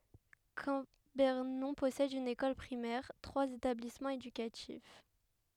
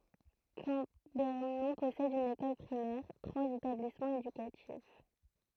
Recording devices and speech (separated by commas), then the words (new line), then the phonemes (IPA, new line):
headset microphone, throat microphone, read sentence
Cambernon possède une école primaire, trois établissements éducatifs.
kɑ̃bɛʁnɔ̃ pɔsɛd yn ekɔl pʁimɛʁ tʁwaz etablismɑ̃z edykatif